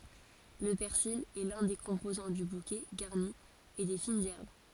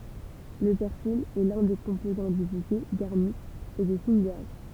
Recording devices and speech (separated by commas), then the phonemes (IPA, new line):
forehead accelerometer, temple vibration pickup, read sentence
lə pɛʁsil ɛ lœ̃ de kɔ̃pozɑ̃ dy bukɛ ɡaʁni e de finz ɛʁb